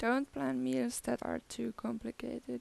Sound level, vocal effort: 83 dB SPL, soft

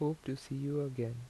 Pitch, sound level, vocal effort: 135 Hz, 80 dB SPL, soft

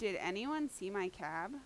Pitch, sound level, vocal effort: 195 Hz, 87 dB SPL, loud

